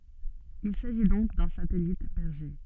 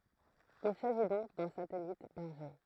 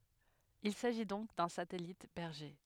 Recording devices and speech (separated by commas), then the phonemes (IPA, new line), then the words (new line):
soft in-ear microphone, throat microphone, headset microphone, read sentence
il saʒi dɔ̃k dœ̃ satɛlit bɛʁʒe
Il s'agit donc d'un satellite berger.